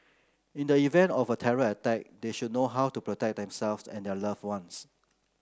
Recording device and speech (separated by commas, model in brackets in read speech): close-talking microphone (WH30), read sentence